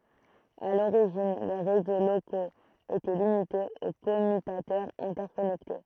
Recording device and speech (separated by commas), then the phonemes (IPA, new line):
throat microphone, read sentence
a loʁiʒin le ʁezo lokoz etɛ limitez o kɔmytatœʁz ɛ̃tɛʁkɔnɛkte